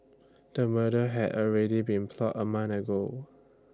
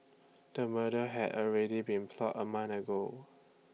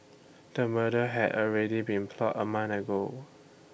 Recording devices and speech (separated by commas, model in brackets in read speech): standing microphone (AKG C214), mobile phone (iPhone 6), boundary microphone (BM630), read sentence